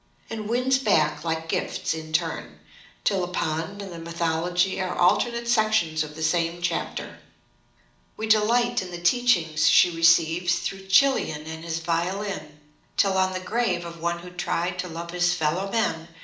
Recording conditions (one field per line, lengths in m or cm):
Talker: one person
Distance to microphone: 2.0 m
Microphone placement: close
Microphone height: 99 cm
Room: medium-sized (5.7 m by 4.0 m)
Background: none